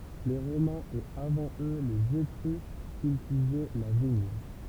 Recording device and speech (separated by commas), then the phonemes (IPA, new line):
temple vibration pickup, read sentence
le ʁomɛ̃z e avɑ̃ ø lez etʁysk kyltivɛ la viɲ